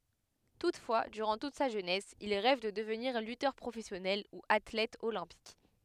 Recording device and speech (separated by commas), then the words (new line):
headset microphone, read sentence
Toutefois, durant toute sa jeunesse, il rêve de devenir lutteur professionnel ou athlète olympique.